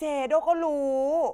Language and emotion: Thai, frustrated